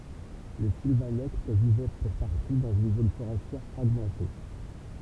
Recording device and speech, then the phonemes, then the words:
temple vibration pickup, read sentence
le silvanɛkt vivɛ puʁ paʁti dɑ̃z yn zon foʁɛstjɛʁ fʁaɡmɑ̃te
Les Silvanectes vivaient pour partie dans une zone forestière fragmentée.

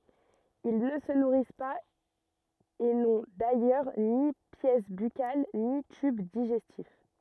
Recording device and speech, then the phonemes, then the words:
rigid in-ear microphone, read sentence
il nə sə nuʁis paz e nɔ̃ dajœʁ ni pjɛs bykal ni tyb diʒɛstif
Ils ne se nourrissent pas et n’ont d’ailleurs ni pièces buccales, ni tube digestif.

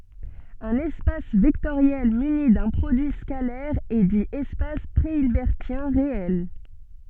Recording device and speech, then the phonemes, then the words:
soft in-ear microphone, read sentence
œ̃n ɛspas vɛktoʁjɛl myni dœ̃ pʁodyi skalɛʁ ɛ di ɛspas pʁeilbɛʁtjɛ̃ ʁeɛl
Un espace vectoriel muni d'un produit scalaire est dit espace préhilbertien réel.

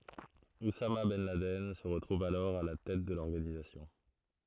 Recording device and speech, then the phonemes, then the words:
throat microphone, read sentence
usama bɛn ladɛn sə ʁətʁuv alɔʁ a la tɛt də lɔʁɡanizasjɔ̃
Oussama ben Laden se retrouve alors à la tête de l'organisation.

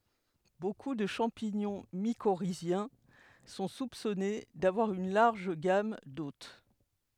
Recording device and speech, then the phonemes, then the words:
headset microphone, read sentence
boku də ʃɑ̃piɲɔ̃ mikoʁizjɛ̃ sɔ̃ supsɔne davwaʁ yn laʁʒ ɡam dot
Beaucoup de champignons mycorhiziens sont soupçonnées d'avoir une large gamme d'hôtes.

